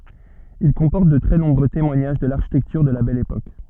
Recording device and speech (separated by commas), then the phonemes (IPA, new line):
soft in-ear microphone, read sentence
il kɔ̃pɔʁt də tʁɛ nɔ̃bʁø temwaɲaʒ də laʁʃitɛktyʁ də la bɛl epok